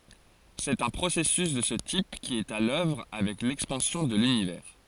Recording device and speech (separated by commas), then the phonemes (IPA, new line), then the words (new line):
forehead accelerometer, read sentence
sɛt œ̃ pʁosɛsys də sə tip ki ɛt a lœvʁ avɛk lɛkspɑ̃sjɔ̃ də lynivɛʁ
C'est un processus de ce type qui est à l'œuvre avec l'expansion de l'Univers.